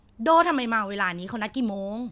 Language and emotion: Thai, frustrated